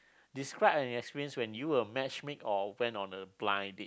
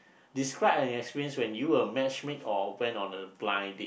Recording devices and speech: close-talking microphone, boundary microphone, conversation in the same room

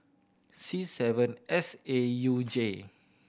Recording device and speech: boundary microphone (BM630), read sentence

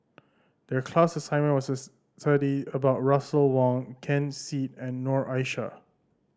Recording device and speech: standing microphone (AKG C214), read sentence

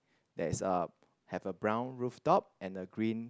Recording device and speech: close-talking microphone, conversation in the same room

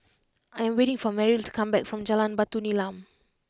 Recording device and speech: close-talking microphone (WH20), read sentence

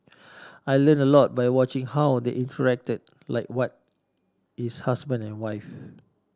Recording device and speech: standing microphone (AKG C214), read sentence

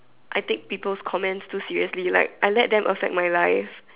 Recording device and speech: telephone, conversation in separate rooms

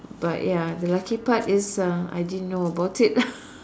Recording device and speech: standing microphone, conversation in separate rooms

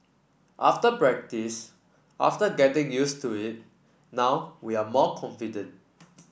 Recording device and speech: boundary microphone (BM630), read sentence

